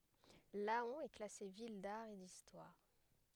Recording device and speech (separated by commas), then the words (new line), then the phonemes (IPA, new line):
headset microphone, read sentence
Laon est classée ville d'art et d'histoire.
lɑ̃ ɛ klase vil daʁ e distwaʁ